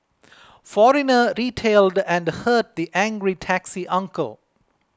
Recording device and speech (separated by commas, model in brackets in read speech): close-talking microphone (WH20), read sentence